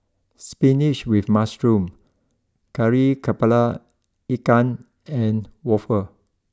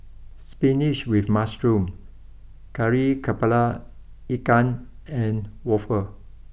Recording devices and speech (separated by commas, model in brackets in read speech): close-talking microphone (WH20), boundary microphone (BM630), read sentence